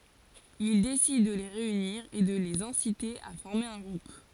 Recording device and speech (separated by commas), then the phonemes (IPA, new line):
forehead accelerometer, read sentence
il desid də le ʁeyniʁ e də lez ɛ̃site a fɔʁme œ̃ ɡʁup